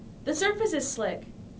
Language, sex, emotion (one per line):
English
female
neutral